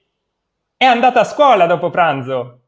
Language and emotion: Italian, happy